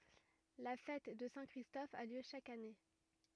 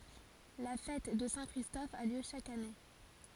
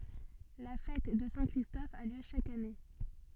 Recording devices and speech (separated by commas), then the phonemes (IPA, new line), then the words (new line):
rigid in-ear microphone, forehead accelerometer, soft in-ear microphone, read sentence
la fɛt də sɛ̃ kʁistɔf a ljø ʃak ane
La fête de Saint-Christophe a lieu chaque année.